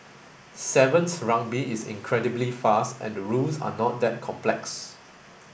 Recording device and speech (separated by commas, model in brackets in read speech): boundary microphone (BM630), read sentence